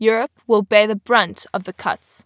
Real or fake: real